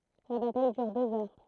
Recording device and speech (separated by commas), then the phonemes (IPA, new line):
throat microphone, read sentence
la bataj dyʁ døz œʁ